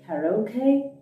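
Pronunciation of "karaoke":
'Karaoke' is pronounced incorrectly here.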